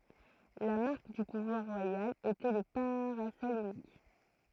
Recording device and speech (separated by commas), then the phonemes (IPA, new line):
throat microphone, read sentence
la maʁk dy puvwaʁ ʁwajal etɛ lə paʁasɔl ynik